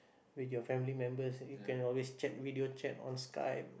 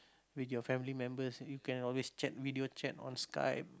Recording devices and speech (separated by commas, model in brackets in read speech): boundary microphone, close-talking microphone, conversation in the same room